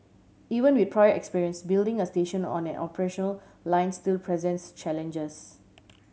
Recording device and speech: mobile phone (Samsung C7100), read sentence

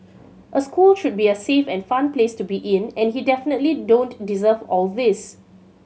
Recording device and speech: mobile phone (Samsung C7100), read sentence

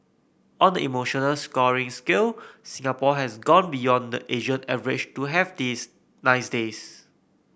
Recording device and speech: boundary microphone (BM630), read sentence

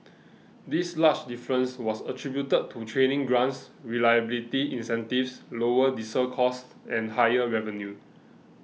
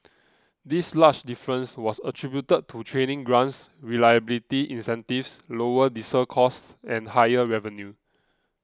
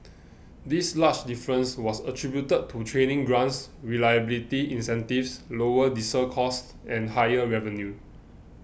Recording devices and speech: mobile phone (iPhone 6), close-talking microphone (WH20), boundary microphone (BM630), read sentence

